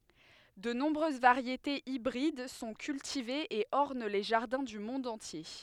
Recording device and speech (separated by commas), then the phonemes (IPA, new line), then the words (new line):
headset microphone, read sentence
də nɔ̃bʁøz vaʁjetez ibʁid sɔ̃ kyltivez e ɔʁn le ʒaʁdɛ̃ dy mɔ̃d ɑ̃tje
De nombreuses variétés hybrides sont cultivées et ornent les jardins du monde entier.